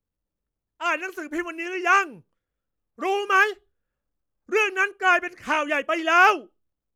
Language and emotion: Thai, angry